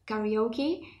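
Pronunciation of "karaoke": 'Karaoke' is pronounced the British way, with an a sound at the start: 'ka'.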